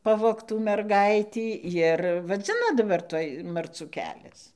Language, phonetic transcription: Lithuanian, ˈpavogtų merˈgaitį jir vaˈdzina daˈbar ˈtuoj marˈcų ˈkelias

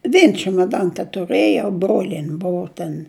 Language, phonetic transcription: Lithuanian, ˈvien čemoˈdan tetuˈrɘjau ˈbrolien' ˈbuu ten

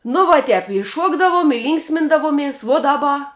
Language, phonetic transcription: Lithuanian, nu vuo ˈtep i ˈšuokdavum i ˈlynksmindavumies vuo daˈba

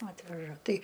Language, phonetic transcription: Lithuanian, ˈatveža ˈtai

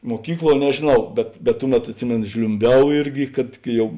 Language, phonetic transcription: Lithuanian, muoˈkykˌluo nežėˈnau ˈbet bet ˈtuˌmet atˈsimėnu žliumˈbiau ˈirgi kad kai ˈjau

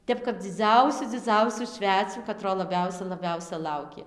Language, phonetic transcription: Lithuanian, ˈtep kap dziˈdzausiu dziˈdzausių ˈšvecių kaˈtro laˈbiausia laˈbiausia ˈlaukė

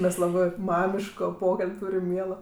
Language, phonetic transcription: Lithuanian, mes ˈlabɜ ˈmamiško ˈpokal'b' ˈtūrim ˈmielo

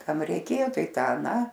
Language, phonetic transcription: Lithuanian, ˈkam reiˈkėjo ˈtai ˈtą aˈną

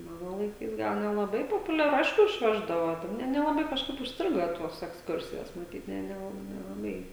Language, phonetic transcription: Lithuanian, ˈmano laiˈkais ˈgal nelaˈbai populiaˈru ˈaišku išˈveždavo ˈne nelaˈbai kažˈkaip užsˈtrigo ˈtuos eksˈkursijos maˈtyt ˈne neˈlab nelaˈbai

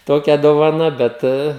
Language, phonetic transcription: Lithuanian, ˈtokia dovaˈna ˈbet

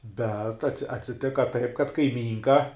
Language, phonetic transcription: Lithuanian, bet atsi atsiˈtika taip kad kaiˈmynka

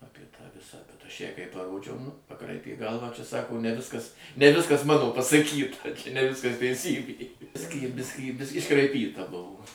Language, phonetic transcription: Lithuanian, ˈapie tą ˈvisą bet ˈaš ˈjai kai paˈrodžiau paˈkraipė ˈgalvą čia ˈsako ne ˈviskas ne ˈviskas mano pasaˈkyta čia ne ˈviskas teiˈsybė ˈbiskį ˈbiskį bisk' iškraiˈpyta ˈbuvo

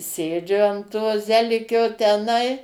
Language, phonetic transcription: Lithuanian, ˈsėdžiu an to ˈzelikio teˈnai

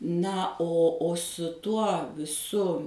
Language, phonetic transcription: Lithuanian, ˈna o o su ˈtuo ˈsu

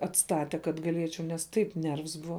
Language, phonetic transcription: Lithuanian, atˈstate kad gaˈliečiau nes ˈtaip ˈnervs ˈbuva

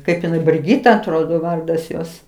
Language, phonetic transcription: Lithuanian, ˈkaip iˈnai briˈgyta atˈrodo ˈvardas ˈjos

